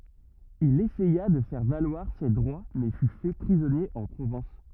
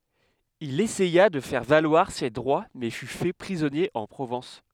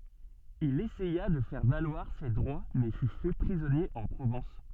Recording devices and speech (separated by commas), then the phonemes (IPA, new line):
rigid in-ear microphone, headset microphone, soft in-ear microphone, read sentence
il esɛja də fɛʁ valwaʁ se dʁwa mɛ fy fɛ pʁizɔnje ɑ̃ pʁovɑ̃s